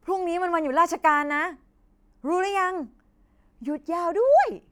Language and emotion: Thai, happy